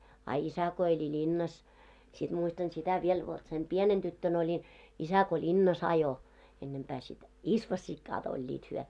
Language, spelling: Finnish, a isä kun eli linnassa sitten muistan sitä vielä vot sen pienenä tyttönä olin isä kun linnassa ajoi ennempää sitten isvossikat olivat he
- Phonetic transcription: a "isä ko eĺi "ĺinnas , siᴅ muistan 'sitä viel vot sem "pienen 'ᴅyttön ‿oĺin , 'isä ko "ĺinna's ‿ajo , ennempää sit , "isvośśikkaat oĺĺiit hyɔ̈ .

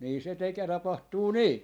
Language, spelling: Finnish, niin se - tapahtuu niin
- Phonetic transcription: nii se 'teke- , 'tapahtuu "nii .

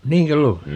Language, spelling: Finnish, niinkö luulet
- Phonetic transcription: "niiŋkö 'luulet ?

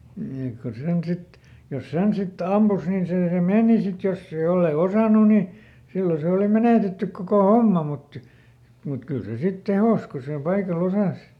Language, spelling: Finnish, niin että kun sen sitten jos sen sitten ampui niin se se meni sitten jos ei jos ei osannut niin silloin se oli menetetty koko homma mutta mutta kyllä se sitten tehosi kun sillä paikalla osasi
- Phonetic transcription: ni ek ku ˈsen ˈsit , jos "sen ˈsit ˈampus nin see ˈse "mèni sit ˈjosse , jollei ˈosànu ni , ˈsillo se òli ˈmenètettyk kokò "homma mut , mut ˈkyl se ˈsit "tehòs ko sil ˈpaikaˈl ‿osàs .

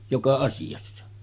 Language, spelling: Finnish, joka asiassa
- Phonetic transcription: 'joka 'asijassa .

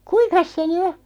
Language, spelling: Finnish, kuinkas se nyt on
- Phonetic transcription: kuiŋkas se ny 'o ?

